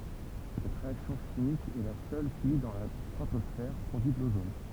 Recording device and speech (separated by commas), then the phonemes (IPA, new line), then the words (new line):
temple vibration pickup, read sentence
sɛt ʁeaksjɔ̃ ʃimik ɛ la sœl ki dɑ̃ la stʁatɔsfɛʁ pʁodyi də lozon
Cette réaction chimique est la seule qui, dans la stratosphère, produit de l'ozone.